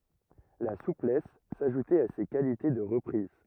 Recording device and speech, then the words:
rigid in-ear microphone, read sentence
La souplesse s'ajoutait à ses qualités de reprises.

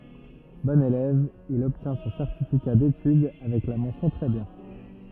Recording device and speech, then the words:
rigid in-ear microphone, read sentence
Bon élève, il obtient son certificat d'études avec la mention très bien.

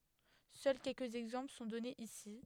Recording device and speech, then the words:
headset microphone, read sentence
Seuls quelques exemples sont donnés ici.

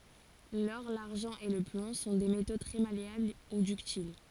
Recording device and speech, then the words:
forehead accelerometer, read sentence
L'or, l'argent et le plomb sont des métaux très malléables ou ductiles.

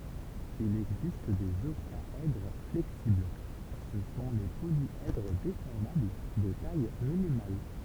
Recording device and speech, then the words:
temple vibration pickup, read sentence
Il existe des octaèdres flexibles, ce sont les polyèdres déformables de taille minimale.

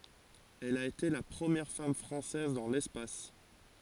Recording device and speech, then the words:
forehead accelerometer, read sentence
Elle a été la première femme française dans l'espace.

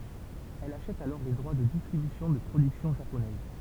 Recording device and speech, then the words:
temple vibration pickup, read sentence
Elle achète alors les droits de distribution de productions japonaises.

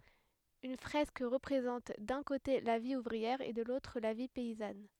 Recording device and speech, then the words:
headset microphone, read sentence
Une fresque représente d'un côté la vie ouvrière et de l'autre la vie paysanne.

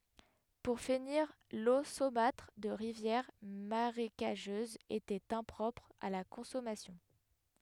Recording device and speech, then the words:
headset microphone, read sentence
Pour finir, l'eau saumâtre de rivières marécageuses était impropre à la consommation.

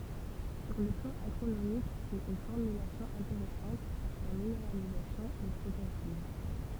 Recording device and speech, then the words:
temple vibration pickup, read sentence
Sur le plan agronomique, c’est une formulation intéressante car sa minéralisation est progressive.

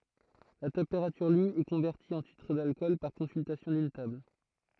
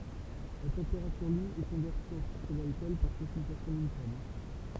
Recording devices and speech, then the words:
throat microphone, temple vibration pickup, read sentence
La température lue est convertie en titre d’alcool par consultation d’une table.

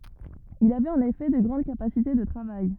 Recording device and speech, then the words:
rigid in-ear microphone, read sentence
Il avait en effet de grandes capacités de travail.

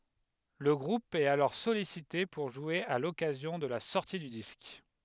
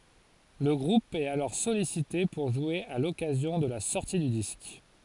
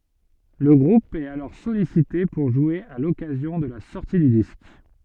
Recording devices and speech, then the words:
headset microphone, forehead accelerometer, soft in-ear microphone, read sentence
Le groupe est alors sollicité pour jouer à l'occasion de la sortie du disque.

